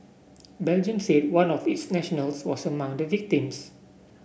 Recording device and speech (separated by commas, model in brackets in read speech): boundary microphone (BM630), read sentence